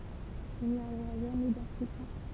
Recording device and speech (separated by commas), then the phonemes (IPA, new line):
temple vibration pickup, read sentence
il ni oʁa ʒamɛ dɛ̃stʁyksjɔ̃